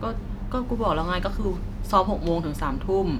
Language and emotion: Thai, frustrated